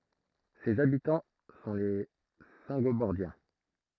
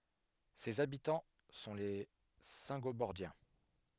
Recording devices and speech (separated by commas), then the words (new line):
throat microphone, headset microphone, read sentence
Ses habitants sont les Saingobordiens.